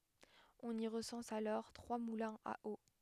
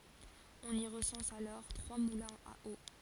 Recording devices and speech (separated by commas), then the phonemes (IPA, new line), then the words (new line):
headset microphone, forehead accelerometer, read sentence
ɔ̃n i ʁəsɑ̃s alɔʁ tʁwa mulɛ̃z a o
On y recense alors trois moulins à eau.